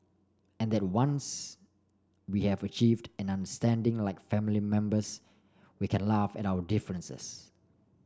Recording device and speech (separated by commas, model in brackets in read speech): standing microphone (AKG C214), read sentence